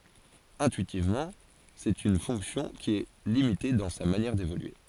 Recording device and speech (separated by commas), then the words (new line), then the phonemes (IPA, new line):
forehead accelerometer, read sentence
Intuitivement, c'est une fonction qui est limitée dans sa manière d'évoluer.
ɛ̃tyitivmɑ̃ sɛt yn fɔ̃ksjɔ̃ ki ɛ limite dɑ̃ sa manjɛʁ devolye